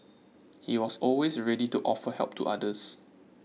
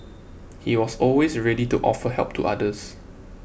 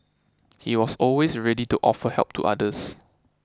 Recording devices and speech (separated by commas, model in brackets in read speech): mobile phone (iPhone 6), boundary microphone (BM630), close-talking microphone (WH20), read sentence